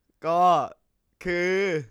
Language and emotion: Thai, happy